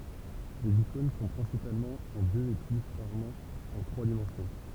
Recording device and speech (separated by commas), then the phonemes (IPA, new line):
temple vibration pickup, read sentence
lez ikɔ̃n sɔ̃ pʁɛ̃sipalmɑ̃ ɑ̃ døz e ply ʁaʁmɑ̃ ɑ̃ tʁwa dimɑ̃sjɔ̃